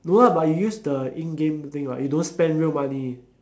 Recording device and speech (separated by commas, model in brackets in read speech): standing microphone, conversation in separate rooms